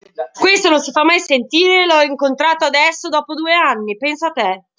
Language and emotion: Italian, angry